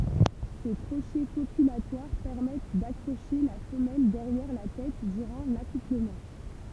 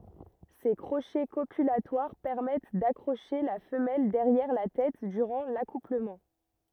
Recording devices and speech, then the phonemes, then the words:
temple vibration pickup, rigid in-ear microphone, read sentence
se kʁoʃɛ kopylatwaʁ pɛʁmɛt dakʁoʃe la fəmɛl dɛʁjɛʁ la tɛt dyʁɑ̃ lakupləmɑ̃
Ces crochets copulatoires permettent d'accrocher la femelle derrière la tête durant l'accouplement.

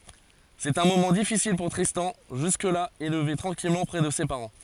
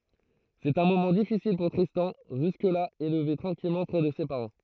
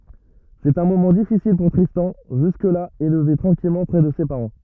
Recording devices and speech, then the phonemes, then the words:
forehead accelerometer, throat microphone, rigid in-ear microphone, read sentence
sɛt œ̃ momɑ̃ difisil puʁ tʁistɑ̃ ʒysk la elve tʁɑ̃kilmɑ̃ pʁɛ də se paʁɑ̃
C'est un moment difficile pour Tristan, jusque-là élevé tranquillement près de ses parents.

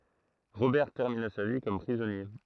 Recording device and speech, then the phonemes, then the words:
throat microphone, read sentence
ʁobɛʁ tɛʁmina sa vi kɔm pʁizɔnje
Robert termina sa vie comme prisonnier.

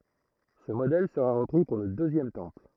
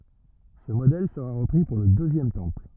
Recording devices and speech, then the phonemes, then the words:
throat microphone, rigid in-ear microphone, read sentence
sə modɛl səʁa ʁəpʁi puʁ lə døzjɛm tɑ̃pl
Ce modèle sera repris pour le Deuxième Temple.

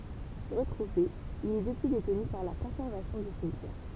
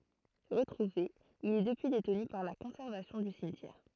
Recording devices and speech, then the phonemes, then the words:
temple vibration pickup, throat microphone, read sentence
ʁətʁuve il ɛ dəpyi detny paʁ la kɔ̃sɛʁvasjɔ̃ dy simtjɛʁ
Retrouvé, il est depuis détenu par la conservation du cimetière.

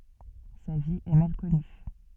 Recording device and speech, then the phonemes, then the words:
soft in-ear microphone, read sentence
sa vi ɛ mal kɔny
Sa vie est mal connue.

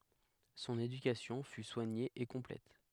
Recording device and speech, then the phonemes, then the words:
headset microphone, read sentence
sɔ̃n edykasjɔ̃ fy swaɲe e kɔ̃plɛt
Son éducation fut soignée et complète.

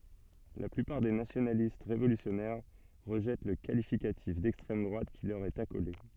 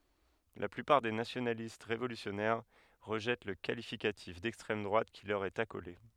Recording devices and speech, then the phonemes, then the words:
soft in-ear microphone, headset microphone, read sentence
la plypaʁ de nasjonalist ʁevolysjɔnɛʁ ʁəʒɛt lə kalifikatif dɛkstʁɛm dʁwat ki lœʁ ɛt akole
La plupart des nationalistes révolutionnaires rejettent le qualificatif d'extrême droite qui leur est accolé.

